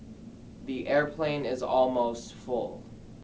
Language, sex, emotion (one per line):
English
male
neutral